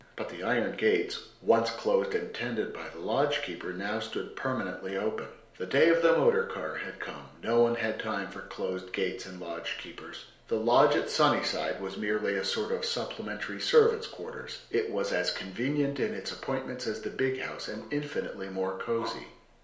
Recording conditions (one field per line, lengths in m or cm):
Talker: one person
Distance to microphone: 1.0 m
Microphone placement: close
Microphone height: 1.1 m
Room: small (3.7 m by 2.7 m)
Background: none